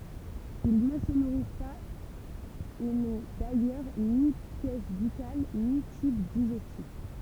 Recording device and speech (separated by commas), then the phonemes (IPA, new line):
temple vibration pickup, read sentence
il nə sə nuʁis paz e nɔ̃ dajœʁ ni pjɛs bykal ni tyb diʒɛstif